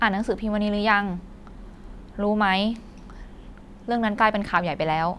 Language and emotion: Thai, neutral